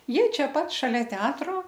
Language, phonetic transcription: Lithuanian, ˈjie ˈčiaˈpat šaˈlia ˈteatro

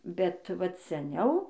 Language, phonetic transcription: Lithuanian, bet ˈvat seˈniau

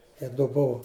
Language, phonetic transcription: Lithuanian, i du ˈbuvu

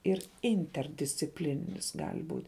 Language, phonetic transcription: Lithuanian, ir ˈinterdisciplininis ˈgal' ˈbūt'

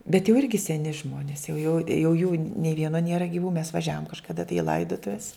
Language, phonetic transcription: Lithuanian, bet jau ˈirgi seˈni ˈžmonis jau jau jau jų nė ˈvieno ˈniera giˈvų mes vaˈžiavom kažkaˈda tai i ˈlaidotuves

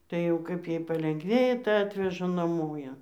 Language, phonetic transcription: Lithuanian, tai jau ˈkaip ˈjai palengˈvėja tai ˈatveža naˈmo ˈją

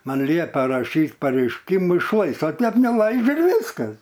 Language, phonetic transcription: Lithuanian, ˈman ˈliepia raˈšyt pareišˈkymu išˈlais o ˈtep neˈlaidžia ir ˈviskas

